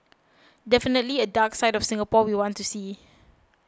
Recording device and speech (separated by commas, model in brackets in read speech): close-talking microphone (WH20), read sentence